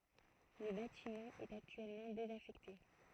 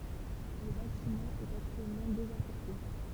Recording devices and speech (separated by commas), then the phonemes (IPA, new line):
throat microphone, temple vibration pickup, read sentence
lə batimɑ̃ ɛt aktyɛlmɑ̃ dezafɛkte